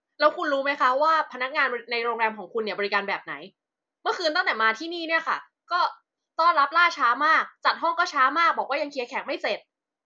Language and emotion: Thai, angry